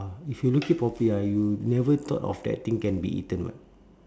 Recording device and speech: standing microphone, conversation in separate rooms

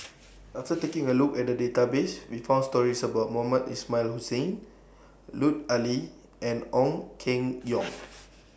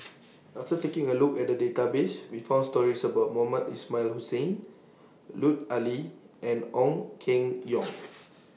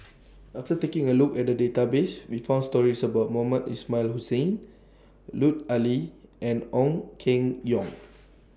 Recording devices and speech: boundary microphone (BM630), mobile phone (iPhone 6), standing microphone (AKG C214), read sentence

